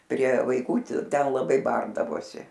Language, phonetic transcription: Lithuanian, prie vaiˈkų ˈti ˈten laˈbai ˈbardavosi

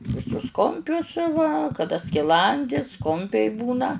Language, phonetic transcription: Lithuanian, viˈsus ˈkumpius va kaˈda skiˈlandis ˈkumpiai ˈbūna

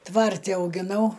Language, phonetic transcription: Lithuanian, ˈtvarti augiˈnau

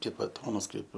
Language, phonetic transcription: Lithuanian, ˈkaip baˈtonas ˈkaip

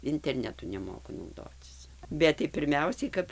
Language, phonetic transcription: Lithuanian, interˈnetu neˈmoku nauˈdocis ˈbet tai pirˈmiausiai kap

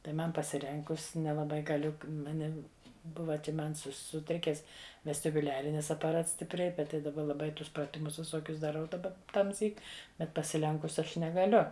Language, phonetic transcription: Lithuanian, tai ˈman pasiˈrenkus nelaˈbai gaˈliu maˈnim ˈbuva čia ˈman ˈsu suˈtrikes vestibuˈliarinis apaˈrats stipˈriai ˈbet tai daˈba laˈbai ˈtus praˈtimus viˈsokius daˈrau daˈba tamˈsyk ˈbet pasiˈlenkus ˈaš negaˈliu

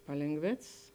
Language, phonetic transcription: Lithuanian, palėnˈgvėcs

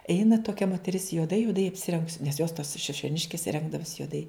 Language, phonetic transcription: Lithuanian, ˈeina toˈkia moteˈris juoˈdai juoˈdai apsiˈrengus nes jos tos šišioˈniškis ˈrengdavus juoˈdai

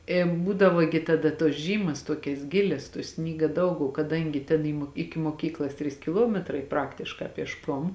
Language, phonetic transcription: Lithuanian, ė ˈbūdavo gi taˈda tuos ˈžymas ˈtuokias ˈgilias tuo ˈsnyga ˈdaug o kaˈdangi tėn i mo ˈiki moˈkyklas ˈtrys kiˈluometrai ˈpraktiškā piešˈkom

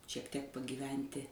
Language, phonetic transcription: Lithuanian, šiek tiek pagyˈventi

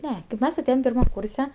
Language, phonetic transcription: Lithuanian, ˈne kaip ˈmes aˈtėjem pirˈmam ˈkūrse

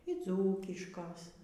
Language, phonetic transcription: Lithuanian, y ˈdzūkiškos

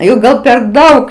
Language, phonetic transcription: Lithuanian, jau ˈgal per ˈdaug

